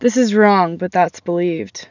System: none